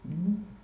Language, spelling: Finnish, no
- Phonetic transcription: no .

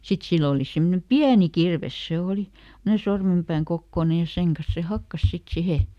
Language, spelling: Finnish, sitten sillä oli semmoinen pieni kirves se oli semmoinen sormenpään kokoinen ja sen kanssa se hakkasi sitten siihen
- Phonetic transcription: ˈsit sill ‿òli ˈsemmᵒne "piäni ˈkirves se ˈòli , semmᵒne ˈsormempääŋ ˈkokkòne ja ˈseŋ kas se "hakkas ˈsit ˈsihe .

